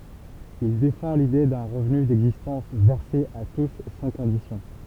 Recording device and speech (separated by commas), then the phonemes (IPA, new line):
temple vibration pickup, read sentence
il defɑ̃ lide dœ̃ ʁəvny dɛɡzistɑ̃s vɛʁse a tus sɑ̃ kɔ̃disjɔ̃